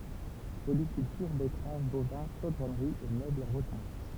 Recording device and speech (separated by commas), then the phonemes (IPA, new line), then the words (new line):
temple vibration pickup, read sentence
polikyltyʁ bɛtʁav bovɛ̃ ʃodʁɔnʁi e møblz ɑ̃ ʁotɛ̃
Polyculture, betteraves, bovins, chaudronnerie et meubles en rotin.